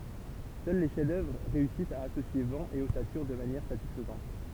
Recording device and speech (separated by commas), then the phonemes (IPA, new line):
temple vibration pickup, read sentence
sœl le ʃɛfzdœvʁ ʁeysist a asosje vɑ̃ e ɔsatyʁ də manjɛʁ satisfəzɑ̃t